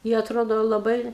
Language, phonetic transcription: Lithuanian, i atˈrodo laˈbai

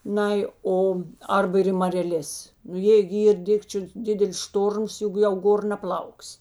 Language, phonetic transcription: Lithuanian, ˈnai ˈo ˈarba ir i mareˈlės nu ˈjė gi ˈyr ˈdikčiu ˈdidelis ˈštorms ˈjuk jau ˈgor naˈplauks'

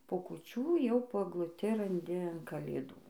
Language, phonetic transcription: Lithuanian, po kuˈčių jau po egluˈti ranˈdi an kalėˈdų

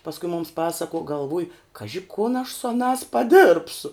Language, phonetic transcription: Lithuanian, pasˈku mums ˈpasakuo galˈvuj ˈkaži kun aš su aˈnās paˈdɘrbsu

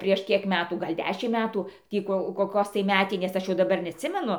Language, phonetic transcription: Lithuanian, prieš ˈkiek ˈmetų ˈgal' ˈdešimt ˈmetu ˈtį ko koˈkos tai ˈmetinės ˈaš jau daˈbar neatˈsimenu

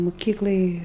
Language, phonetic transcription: Lithuanian, muˈkyklaj

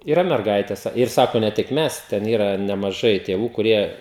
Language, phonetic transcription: Lithuanian, yˈra merˈgaites ir ˈsako ne ˈtik ˈmes ˈten ˈyra nemaˈžai tėˈvų kuˈrie

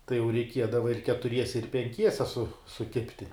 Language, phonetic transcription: Lithuanian, tai jau reiˈkiedava ir ketuˈriese ir penˈkiese su suˈkibti

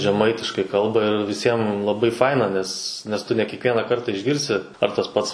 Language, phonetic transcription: Lithuanian, žeˈmaitiškai ˈkalba ir viˈsiem laˈbai ˈfaina ˈnes nes ˈtu ne kiekˈvieną ˈkartą išˈgirsi ar tas ˈpats

